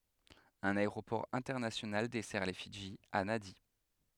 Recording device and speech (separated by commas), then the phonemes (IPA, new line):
headset microphone, read sentence
œ̃n aeʁopɔʁ ɛ̃tɛʁnasjonal dɛsɛʁ le fidʒi a nadi